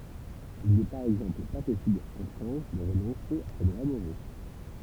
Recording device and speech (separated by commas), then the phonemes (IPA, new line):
temple vibration pickup, read sentence
il nɛ paʁ ɛɡzɑ̃pl pa pɔsibl ɑ̃ fʁɑ̃s də ʁənɔ̃se a se dʁwa moʁo